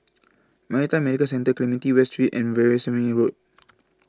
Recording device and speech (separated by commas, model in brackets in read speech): close-talking microphone (WH20), read sentence